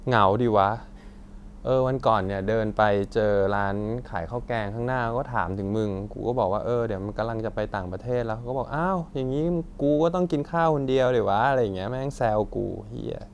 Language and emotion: Thai, frustrated